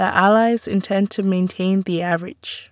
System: none